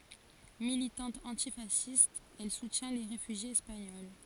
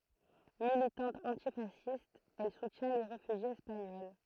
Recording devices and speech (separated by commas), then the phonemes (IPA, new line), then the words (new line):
forehead accelerometer, throat microphone, read sentence
militɑ̃t ɑ̃tifasist ɛl sutjɛ̃ le ʁefyʒjez ɛspaɲɔl
Militante antifasciste, elle soutient les réfugiés espagnols.